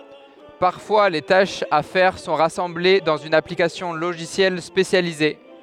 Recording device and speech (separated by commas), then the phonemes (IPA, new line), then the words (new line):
headset microphone, read sentence
paʁfwa le taʃz a fɛʁ sɔ̃ ʁasɑ̃ble dɑ̃z yn aplikasjɔ̃ loʒisjɛl spesjalize
Parfois, les tâches à faire sont rassemblées dans une application logicielle spécialisée.